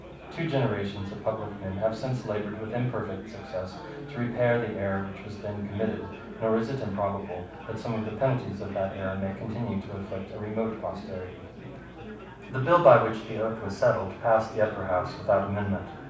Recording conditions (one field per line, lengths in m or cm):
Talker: one person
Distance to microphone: 5.8 m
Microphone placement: far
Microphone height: 1.8 m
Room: medium-sized (5.7 m by 4.0 m)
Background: babble